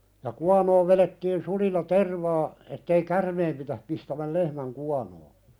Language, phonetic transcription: Finnish, ja 'kuanoov velettiin 'sulilla "tervaa , ettei "kärmeem pitäh pistämäl 'lehmäŋ kuanoo .
- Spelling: ja kuonoon vedettiin sulilla tervaa että ei käärmeen pidä pistämän lehmän kuonoa

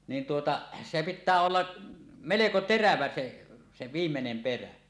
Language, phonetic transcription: Finnish, niin tuota , se "pittää 'olla , "meleko "terävä 'se , se 'viimmenem "perä .
- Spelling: niin tuota se pitää olla melko terävä se se viimeinen perä

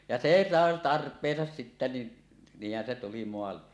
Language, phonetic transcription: Finnish, ja "see sàe "tarp̀eesas sittä ni , 'niih̆hän se tuli moalle .
- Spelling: ja se sai tarpeensa sitten niin niinhän se tuli maalle

